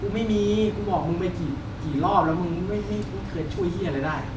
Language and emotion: Thai, frustrated